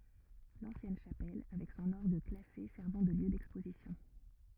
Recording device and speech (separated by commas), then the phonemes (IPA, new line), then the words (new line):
rigid in-ear microphone, read sentence
lɑ̃sjɛn ʃapɛl avɛk sɔ̃n ɔʁɡ klase sɛʁvɑ̃ də ljø dɛkspozisjɔ̃
L'ancienne chapelle, avec son orgue classé servant de lieu d'exposition.